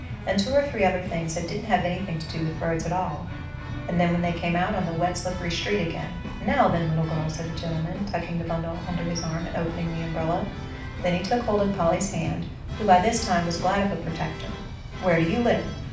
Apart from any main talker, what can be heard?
Music.